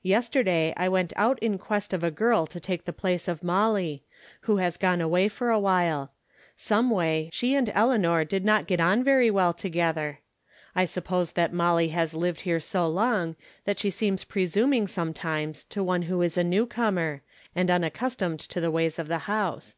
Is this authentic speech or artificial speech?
authentic